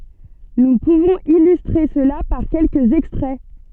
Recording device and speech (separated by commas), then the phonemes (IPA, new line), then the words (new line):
soft in-ear microphone, read sentence
nu puvɔ̃z ilystʁe səla paʁ kɛlkəz ɛkstʁɛ
Nous pouvons illustrer cela par quelques extraits.